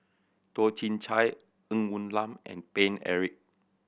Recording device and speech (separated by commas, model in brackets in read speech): boundary microphone (BM630), read sentence